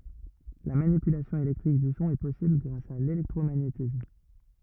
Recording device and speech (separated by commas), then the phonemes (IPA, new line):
rigid in-ear microphone, read sentence
la manipylasjɔ̃ elɛktʁik dy sɔ̃ ɛ pɔsibl ɡʁas a lelɛktʁomaɲetism